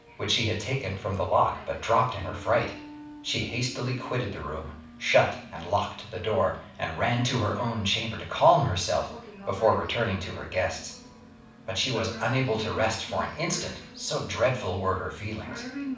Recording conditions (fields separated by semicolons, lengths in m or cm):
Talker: one person; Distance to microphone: 5.8 m; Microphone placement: far; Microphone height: 1.8 m; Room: medium-sized (5.7 m by 4.0 m); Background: television